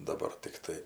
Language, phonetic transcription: Lithuanian, daˈbar tikˈtai

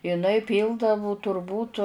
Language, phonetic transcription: Lithuanian, iˈnai ˈpyldavu turˈbūt

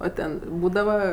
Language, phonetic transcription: Lithuanian, o ˈten ˈbūdava

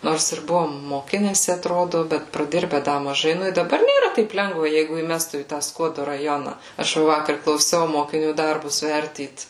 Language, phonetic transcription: Lithuanian, ˈnors ir ˈbuvom moˈkinesi atˈrodu ˈbet praˈdirbe ˈda maˈžai ˈnu i daˈbar nėˈra ˈtaip ˈlengva ˈjeigu įˈmestų į tą ˈskuodu raˈjona aš ˈva ˈvakar klauˈsiau mokiˈnių ˈdarbus ˈvertyt

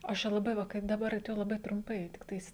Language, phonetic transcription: Lithuanian, ˈaš čia laˈbai ˈva kaip daˈbar tai laˈbai trumˈpai tikˈtais

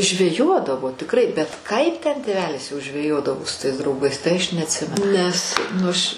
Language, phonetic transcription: Lithuanian, žveˈjodavo tikˈrai bet ˈkaip ten tėˈvelis jau žveˈjodavo su tais drauˈgais tai aš neatˈsimenu nes nu aš

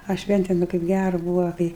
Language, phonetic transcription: Lithuanian, a ˈšventėm i kaip ˈgæru ˈbūva ˈkai

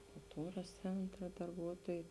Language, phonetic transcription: Lithuanian, kulˈtūras ˈcentra darˈbuotuojai

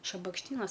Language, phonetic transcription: Lithuanian, šabakšˈtynas

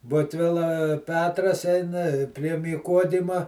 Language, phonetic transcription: Lithuanian, ˈbutvila ˈpetras ˈeina i prie myˈkodima

